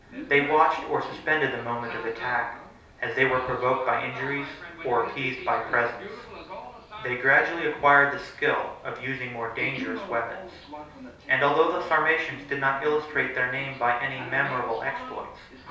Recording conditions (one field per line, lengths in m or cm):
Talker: one person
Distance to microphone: 3.0 m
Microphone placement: far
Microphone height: 1.8 m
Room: small (3.7 m by 2.7 m)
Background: television